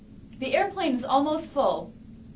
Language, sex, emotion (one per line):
English
female
neutral